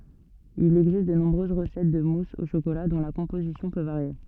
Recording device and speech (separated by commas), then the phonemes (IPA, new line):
soft in-ear microphone, read sentence
il ɛɡzist də nɔ̃bʁøz ʁəsɛt də mus o ʃokola dɔ̃ la kɔ̃pozisjɔ̃ pø vaʁje